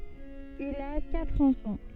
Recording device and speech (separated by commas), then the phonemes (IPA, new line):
soft in-ear microphone, read sentence
il a katʁ ɑ̃fɑ̃